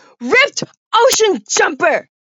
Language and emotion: English, disgusted